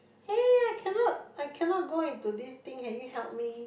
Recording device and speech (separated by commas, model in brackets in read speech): boundary microphone, conversation in the same room